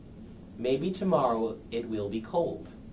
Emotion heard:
neutral